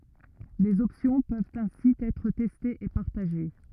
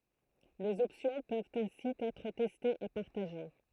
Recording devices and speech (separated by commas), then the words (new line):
rigid in-ear microphone, throat microphone, read sentence
Les options peuvent ainsi être testées et partagées.